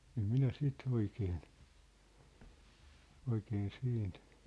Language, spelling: Finnish, en minä sitä oikein oikein siitä
- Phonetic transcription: em minä 'sit , 'oikeen , 'oikeen 'siint ,.

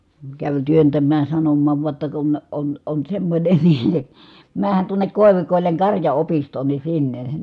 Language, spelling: Finnish, kävi työntämään ja sanomaan vain jotta kun on on semmoinen niin menehän tuonne koivikoille karjaopistoon niin sinne
- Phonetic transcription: käv työntäm̆määj ja sanommaav vua ‿tta » kun , on on semmońe NI , määh̀än tuoǹek kòi̮vikòilleŋ karja₍opistoon ni sinne » .

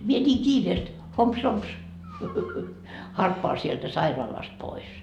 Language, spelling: Finnish, minä niin kiireesti homps homps harppaan sieltä sairaalasta pois
- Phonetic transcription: mie ńiiŋ "kiireest , 'homps 'homps , 'harppoa sieltä 'sairaalast pois .

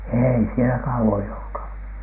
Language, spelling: Finnish, ei siellä kauan joutunut
- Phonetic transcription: 'èi sielä "kauwoj joutu̳nu .

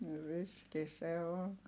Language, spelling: Finnish, niin riski se on
- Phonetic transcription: ni riski se on .

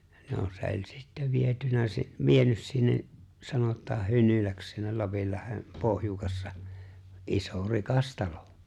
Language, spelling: Finnish, no se oli sitten viety - vienyt sinne sanotaan Hynyläksi sinne Lapinlahden pohjukassa iso rikas talo
- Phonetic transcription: 'no se ‿o͕ĺ 'sittä 'vietynä si- , 'vienys sinne’ , 'sanot̆taa 'Hynyläks sinnel 'Lapillahem , 'pohjukassa , '’iso 'rikas "talᴏ .

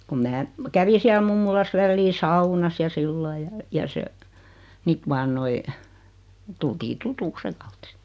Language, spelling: Finnish, kun minä kävin siellä mummolassa väliin saunassa ja sillä lailla ja ja se sitten vain noin tultiin tutuksi sen kautta siitä
- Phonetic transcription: kum 'mää , 'kävi siäl 'mummulas 'vällii "saunas ja 'sillai ja , ja se , ˢit 'vaan 'noi , 'tultii "tutuks 'seᵑ kaut 'sɪɪt .

